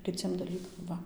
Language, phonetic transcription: Lithuanian, kiˈciem daˈlykam ˈva

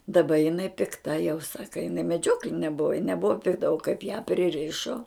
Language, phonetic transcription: Lithuanian, daˈba jiˈnai pikˈta jau ˈsaka jiˈnai meˈdžiokline ˈbuva ji neˈbuva pikˈta o kaip ją priˈrišo

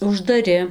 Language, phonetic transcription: Lithuanian, uždaˈri

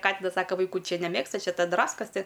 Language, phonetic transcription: Lithuanian, ˈkatinas ˈsaka vaiˈkų ˈčia neˈmėgsta ˈčia ˈta ˈdraskas ti

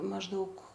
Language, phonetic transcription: Lithuanian, mažˈdaug

